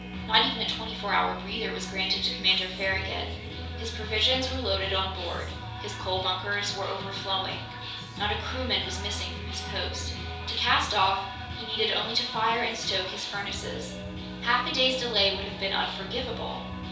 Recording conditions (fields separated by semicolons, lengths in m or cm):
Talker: one person; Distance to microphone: 3.0 m; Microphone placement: far; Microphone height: 1.8 m; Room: small (3.7 m by 2.7 m); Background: music